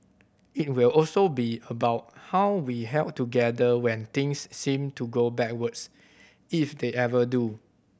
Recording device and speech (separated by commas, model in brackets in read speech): boundary microphone (BM630), read sentence